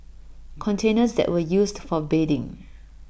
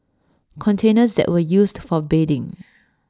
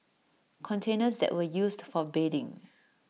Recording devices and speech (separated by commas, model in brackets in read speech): boundary microphone (BM630), standing microphone (AKG C214), mobile phone (iPhone 6), read sentence